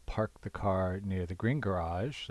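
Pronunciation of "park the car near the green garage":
The sentence is said in American English, a rhotic accent, so the R sounds are pronounced.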